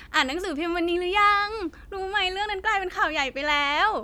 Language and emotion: Thai, happy